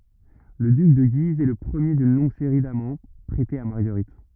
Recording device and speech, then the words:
rigid in-ear microphone, read sentence
Le duc de Guise est le premier d’une longue série d'amants prêtés à Marguerite.

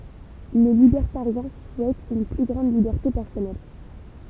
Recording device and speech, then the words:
temple vibration pickup, read sentence
Les libertariens souhaitent une plus grande liberté personnelle.

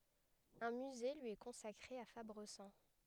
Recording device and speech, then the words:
headset microphone, read sentence
Un musée lui est consacré à Fabrezan.

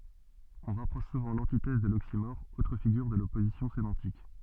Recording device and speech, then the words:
soft in-ear microphone, read sentence
On rapproche souvent l'antithèse de l'oxymore, autre figure de l'opposition sémantique.

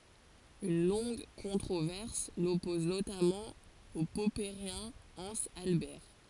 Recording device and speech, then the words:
forehead accelerometer, read sentence
Une longue controverse l'oppose notamment au popperien Hans Albert.

